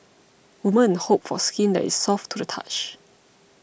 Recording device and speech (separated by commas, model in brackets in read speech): boundary microphone (BM630), read sentence